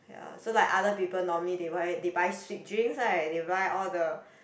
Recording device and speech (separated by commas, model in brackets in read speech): boundary microphone, conversation in the same room